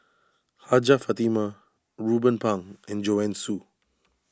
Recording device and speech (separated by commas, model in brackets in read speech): standing microphone (AKG C214), read sentence